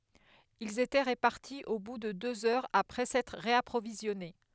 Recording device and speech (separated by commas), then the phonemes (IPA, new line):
headset microphone, read sentence
ilz etɛ ʁəpaʁti o bu də døz œʁz apʁɛ sɛtʁ ʁeapʁovizjɔne